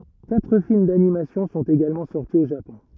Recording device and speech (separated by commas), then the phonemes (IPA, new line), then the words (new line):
rigid in-ear microphone, read sentence
katʁ film danimasjɔ̃ sɔ̃t eɡalmɑ̃ sɔʁti o ʒapɔ̃
Quatre films d’animation sont également sortis au Japon.